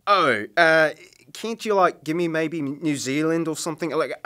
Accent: Australian Accent